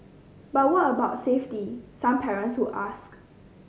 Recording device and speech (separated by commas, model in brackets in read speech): mobile phone (Samsung C5010), read sentence